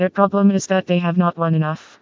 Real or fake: fake